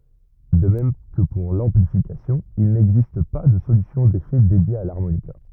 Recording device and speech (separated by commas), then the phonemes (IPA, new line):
rigid in-ear microphone, read sentence
də mɛm kə puʁ lɑ̃plifikasjɔ̃ il nɛɡzist pa də solysjɔ̃ defɛ dedje a laʁmonika